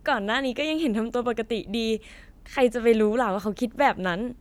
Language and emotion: Thai, neutral